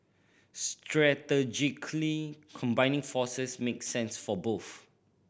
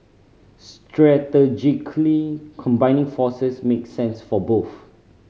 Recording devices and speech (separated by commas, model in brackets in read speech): boundary microphone (BM630), mobile phone (Samsung C5010), read sentence